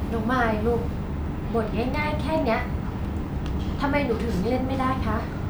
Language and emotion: Thai, frustrated